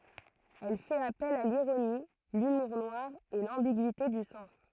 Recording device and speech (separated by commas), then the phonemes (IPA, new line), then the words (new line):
throat microphone, read sentence
ɛl fɛt apɛl a liʁoni lymuʁ nwaʁ e lɑ̃biɡyite dy sɑ̃s
Elle fait appel à l'ironie, l'humour noir et l'ambiguïté du sens.